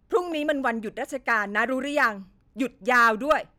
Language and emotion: Thai, angry